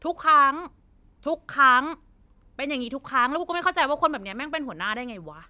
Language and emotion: Thai, angry